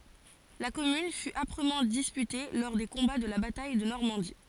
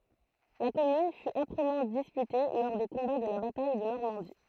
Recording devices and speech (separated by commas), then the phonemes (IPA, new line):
forehead accelerometer, throat microphone, read sentence
la kɔmyn fy apʁəmɑ̃ dispyte lɔʁ de kɔ̃ba də la bataj də nɔʁmɑ̃di